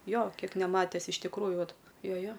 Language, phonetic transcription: Lithuanian, ˈjo ˈkiek neˈmates iš tikˈrųju ˈvat ˈjo ˈjo

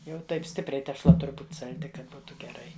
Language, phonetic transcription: Lithuanian, jau ˈtaip ˈstipriai tešˈla ˈtur' ˈbūt' salˈdi ˈkad ˈbūtu geˈrai

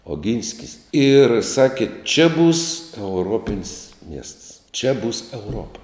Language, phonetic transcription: Lithuanian, oˈginskis ir ˈsakė čia būs euˈropin's' miests čia būs euˈropa

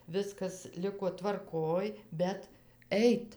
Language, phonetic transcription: Lithuanian, ˈviskas ˈliko tvarˈkoj bet ˈeit

